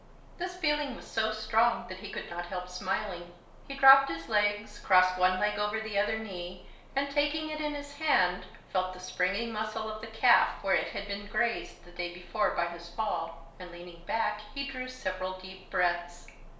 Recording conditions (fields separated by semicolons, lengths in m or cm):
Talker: one person; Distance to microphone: 1.0 m; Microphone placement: close; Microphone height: 1.1 m; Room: small (3.7 m by 2.7 m); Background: none